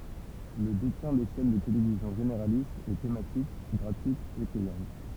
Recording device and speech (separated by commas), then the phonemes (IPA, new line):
temple vibration pickup, read sentence
lə detjɛ̃ de ʃɛn də televizjɔ̃ ʒeneʁalistz e tematik ɡʁatyitz e pɛjɑ̃t